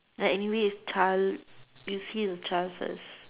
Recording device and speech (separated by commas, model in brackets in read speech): telephone, conversation in separate rooms